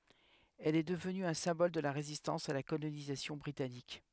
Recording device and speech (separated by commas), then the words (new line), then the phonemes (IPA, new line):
headset microphone, read sentence
Elle est devenue un symbole de la résistance à la colonisation britannique.
ɛl ɛ dəvny œ̃ sɛ̃bɔl də la ʁezistɑ̃s a la kolonizasjɔ̃ bʁitanik